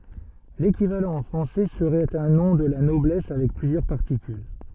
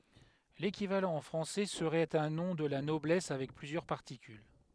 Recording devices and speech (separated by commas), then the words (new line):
soft in-ear microphone, headset microphone, read sentence
L’équivalent en français serait un nom de la noblesse avec plusieurs particules.